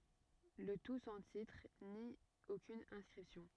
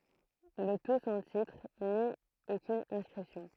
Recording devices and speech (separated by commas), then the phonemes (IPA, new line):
rigid in-ear microphone, throat microphone, read sentence
lə tu sɑ̃ titʁ ni okyn ɛ̃skʁipsjɔ̃